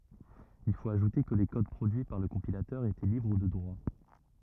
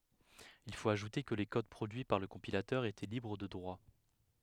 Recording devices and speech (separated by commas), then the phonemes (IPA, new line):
rigid in-ear microphone, headset microphone, read sentence
il fot aʒute kə le kod pʁodyi paʁ lə kɔ̃pilatœʁ etɛ libʁ də dʁwa